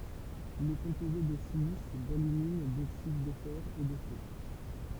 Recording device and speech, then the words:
temple vibration pickup, read sentence
Il est composé de silice, d’alumine, d’oxydes de fer, et de soufre.

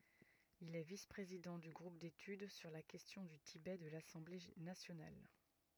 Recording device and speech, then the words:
rigid in-ear microphone, read sentence
Il est vice-président du groupe d'études sur la question du Tibet de l'Assemblée nationale.

